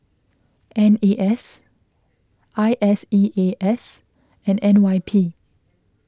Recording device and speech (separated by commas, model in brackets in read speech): close-talking microphone (WH20), read sentence